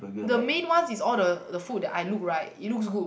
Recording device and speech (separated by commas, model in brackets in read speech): boundary microphone, conversation in the same room